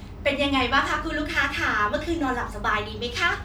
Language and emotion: Thai, happy